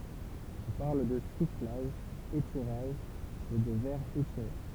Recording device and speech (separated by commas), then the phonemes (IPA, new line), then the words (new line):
temple vibration pickup, read sentence
ɔ̃ paʁl də suflaʒ etiʁaʒ e də vɛʁ etiʁe
On parle de soufflage - étirage et de verre étiré.